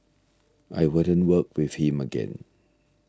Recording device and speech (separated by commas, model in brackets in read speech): standing microphone (AKG C214), read sentence